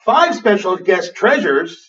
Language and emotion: English, surprised